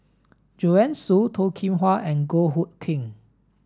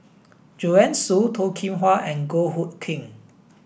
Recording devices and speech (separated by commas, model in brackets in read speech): standing microphone (AKG C214), boundary microphone (BM630), read sentence